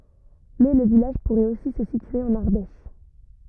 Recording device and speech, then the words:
rigid in-ear microphone, read sentence
Mais le village pourrait aussi se situer en Ardèche.

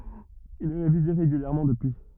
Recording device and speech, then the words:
rigid in-ear microphone, read sentence
Il est révisé régulièrement depuis.

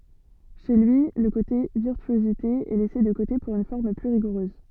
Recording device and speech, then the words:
soft in-ear microphone, read sentence
Chez lui, le côté virtuosité est laissé de côté pour une forme plus rigoureuse.

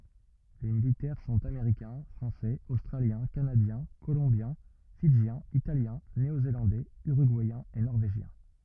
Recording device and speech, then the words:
rigid in-ear microphone, read sentence
Les militaires sont américains, français, australiens, canadiens, colombiens, fidjiens, italiens, néo-zélandais, uruguayens et norvégiens.

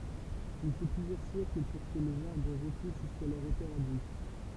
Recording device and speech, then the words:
temple vibration pickup, read sentence
Il faut plusieurs siècles pour que les arbres repoussent jusqu'à leur hauteur adulte.

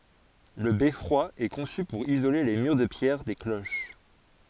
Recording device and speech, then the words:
forehead accelerometer, read sentence
Le beffroi est conçu pour isoler les murs de pierre des cloches.

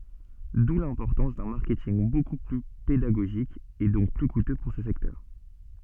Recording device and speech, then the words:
soft in-ear microphone, read sentence
D'où l'importance d'un marketing beaucoup plus pédagogique et donc plus coûteux pour ce secteur.

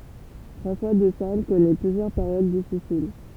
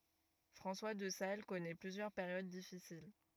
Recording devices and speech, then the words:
temple vibration pickup, rigid in-ear microphone, read sentence
François de Sales connaît plusieurs périodes difficiles.

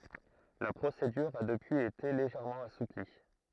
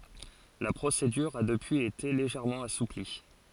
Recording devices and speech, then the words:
throat microphone, forehead accelerometer, read sentence
La procédure a depuis été légèrement assouplie.

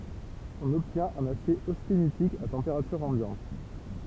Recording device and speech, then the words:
temple vibration pickup, read sentence
On obtient un acier austénitique à température ambiante.

